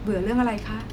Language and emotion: Thai, neutral